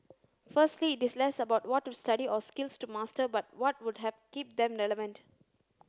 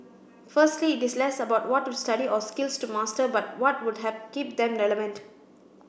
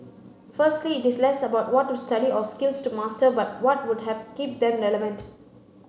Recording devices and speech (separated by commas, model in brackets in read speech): close-talking microphone (WH30), boundary microphone (BM630), mobile phone (Samsung C9), read sentence